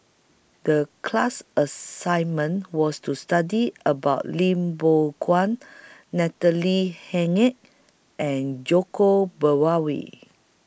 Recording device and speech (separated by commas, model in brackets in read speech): boundary microphone (BM630), read sentence